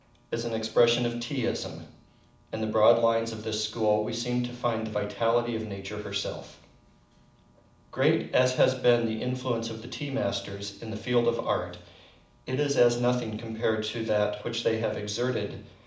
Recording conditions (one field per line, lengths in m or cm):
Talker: one person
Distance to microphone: 2.0 m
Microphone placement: close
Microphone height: 99 cm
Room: medium-sized (5.7 m by 4.0 m)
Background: none